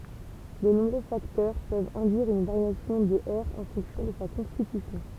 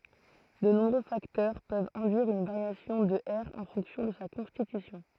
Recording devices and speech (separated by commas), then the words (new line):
temple vibration pickup, throat microphone, read sentence
De nombreux facteurs peuvent induire une variation de R en fonction de sa constitution.